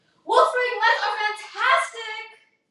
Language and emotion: English, happy